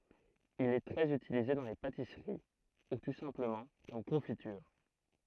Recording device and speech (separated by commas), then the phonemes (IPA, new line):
throat microphone, read sentence
il ɛ tʁɛz ytilize dɑ̃ le patisəʁi u tu sɛ̃pləmɑ̃ kɔm kɔ̃fityʁ